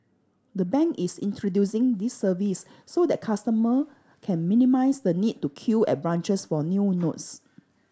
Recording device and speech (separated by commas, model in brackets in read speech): standing microphone (AKG C214), read sentence